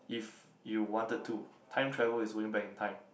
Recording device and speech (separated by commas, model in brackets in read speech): boundary microphone, conversation in the same room